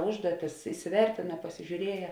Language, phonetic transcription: Lithuanian, ˈužduotis isiˈvertina pasižiūˈrieja

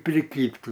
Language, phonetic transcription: Lithuanian, priˈkybt

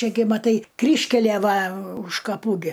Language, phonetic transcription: Lithuanian, ˈčia gi maˈtai ˈkryžkælie ˈva už kaˈpų gi

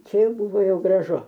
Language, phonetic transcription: Lithuanian, ˈčia ˈjau ˈbuvo ˈjau graˈžu

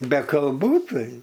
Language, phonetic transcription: Lithuanian, be kalˈbų ˈtai

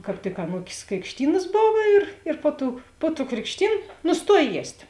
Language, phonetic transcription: Lithuanian, kāp ˈtik aˈnūkės krikšˈtynas ˈbov ir ir ˈpo ˌtų po tų krikšˈtyn nusˈtuoj ˈjiest'

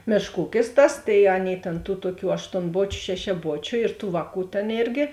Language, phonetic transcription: Lithuanian, ˈmėšk ˈūkis ˈtas tai ˈaˌnėi tėn tų ˈtuoˌkių aštonˈbočiu šešiaˈbočiu ir tų ˈvāˌkų tėn ˈėrgi

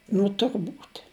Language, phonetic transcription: Lithuanian, nu turˈbūt'

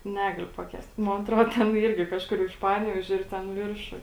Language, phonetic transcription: Lithuanian, ˈnegaliu paˈkęst ˈmon aˈtro ˈten ˈyrgi ˈkažkur iš ˈpanevėžio ir ˈten ˈviršuj

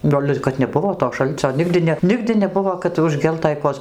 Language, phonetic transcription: Lithuanian, ˈgal' ir kad neˈbuvo to ˈšalcio ˈnigdi ne ˈnigdi neˈbuvo kad užˈgeltai ˈkojas

